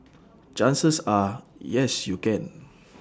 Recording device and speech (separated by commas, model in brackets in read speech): standing microphone (AKG C214), read sentence